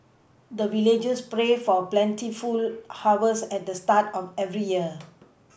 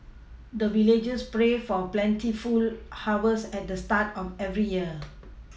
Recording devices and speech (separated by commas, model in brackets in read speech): boundary microphone (BM630), mobile phone (iPhone 6), read sentence